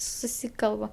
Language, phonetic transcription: Lithuanian, suˈsykalba

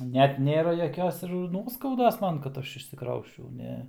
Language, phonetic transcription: Lithuanian, ˈnet ˈnėra jaˈkios ir ˈnuoskaudos ˈman kad ˈaš išsiˈkrausčiau ˈne

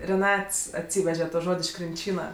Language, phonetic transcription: Lithuanian, reˈnats atˈsyveže to ˈžod' iš krinˈčyna

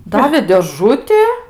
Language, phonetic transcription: Lithuanian, ˈdavė dėˈžuti

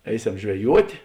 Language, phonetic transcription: Lithuanian, ˈeiˌsem žveˈjuotė

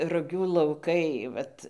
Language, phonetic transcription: Lithuanian, ruˈgių lauˈkai ˈvat

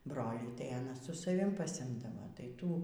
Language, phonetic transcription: Lithuanian, ˈbrolį tai aˈna su saˈvim pasiˈimdava tai ˈtų

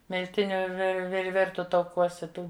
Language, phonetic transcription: Lithuanian, milˈtiniu vir vir ˈvirtu tauˈkuose ˈtų

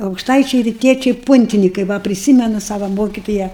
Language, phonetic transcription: Lithuanian, aukšˈtaičiai riˈtiečiai ˈpuntinikai ˈva priˈsymenu ˈsava ˈmokitoja

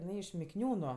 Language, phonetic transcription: Lithuanian, iˈnai iš mikˈniūnu

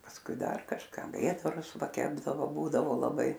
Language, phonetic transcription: Lithuanian, pasˈkui ˈdar kažˈka ˈvėdarus ˈva ˈkepdavo ˈbūdavo laˈbai

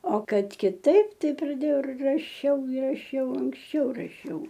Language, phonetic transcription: Lithuanian, o ˈkad kiˈtaip ˈtai praˈdėjau ir raˈšiau i raˈšiau anksˈčiau raˈšiau

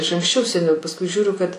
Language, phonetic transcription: Lithuanian, iš anksˈčiau seˈniau pasˈkui ˈžiūriu kad

